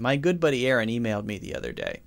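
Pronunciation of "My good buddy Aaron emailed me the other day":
The sentence is said fast and sounds natural. Every sound in it is voiced, so the voice stays on the whole way through.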